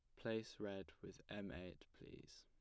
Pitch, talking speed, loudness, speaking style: 100 Hz, 165 wpm, -51 LUFS, plain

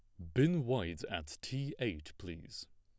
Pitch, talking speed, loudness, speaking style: 100 Hz, 155 wpm, -37 LUFS, plain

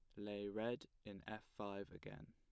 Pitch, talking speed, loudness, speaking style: 105 Hz, 170 wpm, -50 LUFS, plain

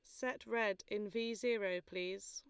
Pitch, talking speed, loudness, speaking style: 210 Hz, 170 wpm, -40 LUFS, Lombard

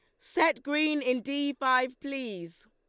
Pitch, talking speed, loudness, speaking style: 280 Hz, 145 wpm, -29 LUFS, Lombard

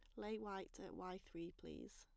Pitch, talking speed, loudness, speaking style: 190 Hz, 205 wpm, -52 LUFS, plain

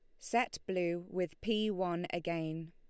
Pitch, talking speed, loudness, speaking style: 175 Hz, 145 wpm, -36 LUFS, Lombard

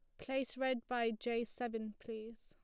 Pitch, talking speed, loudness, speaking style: 235 Hz, 165 wpm, -40 LUFS, plain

